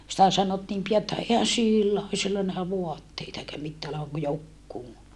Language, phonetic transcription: Finnish, sⁱtä sanottiim pija että » ehän sillä o , sillä nähä voatteita eikä mittää olevaŋ ku jokkuu » .
- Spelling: sitä sanottiin pian että eihän sillä ole sillä nähdä vaatteita eikä mitään olevan kuin joku

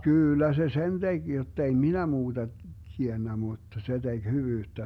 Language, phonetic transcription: Finnish, "kyyllä 'se "sen 'teG jottei "minä 'muuDa , 'tiennä mùtta 'se DeG 'hyvyyttä .
- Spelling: kyllä se sen teki jotta ei minä muuta tiennyt mutta se teki hyvyyttä

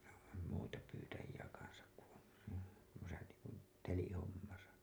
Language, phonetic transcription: Finnish, muita pyytäji₍ä kansak ku ‿on , tuosa niiŋkun , 'telihommasa .
- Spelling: muita pyytäjiä kanssa kun on tuossa niin kuin telihommassa

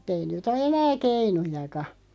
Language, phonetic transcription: Finnish, mut'ᵗ ‿ei 'nyt ‿o "enää 'keinujaka .
- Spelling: mutta ei nyt ole enää keinujakaan

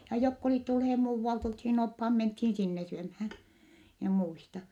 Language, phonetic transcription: Finnish, ja jokk ‿olìt tulhee muuvvalt olthiin ophaa menthiin sinne syömhää , mie muista .
- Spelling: ja jotka olivat tulleet muualta oltiin oppaat mentiin sinne syömään minä muistan

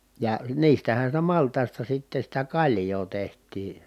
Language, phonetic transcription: Finnish, ja niistähän̬ sitä malt̀ài̮sta sitte sitä kaĺjoo teht̀ii .
- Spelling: ja niistähän sitä maltaista sitten sitä kaljaa tehtiin

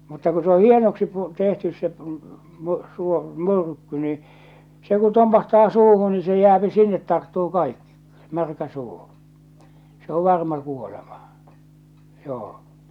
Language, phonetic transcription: Finnish, mutta ku se o 'hienoksi pu- , 'tehtys se , p- my- suo- , 'my̬rkky ni , se ku 'tompahtaa 'suuhu ni se 'jääpi 'sinnet 'tarttuu 'kaikki , 'märkä 'suu , se ‿o 'varma kuolema , 'joo .
- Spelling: mutta kun se on hienoksi - tehty se - - - myrkky niin se kun tompahtaa suuhun niin se jää sinne tarttuu kaikki märkä suu se on varma kuolema joo

